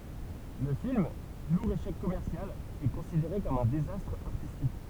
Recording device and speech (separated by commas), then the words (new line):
temple vibration pickup, read sentence
Le film, lourd échec commercial, est considéré comme un désastre artistique.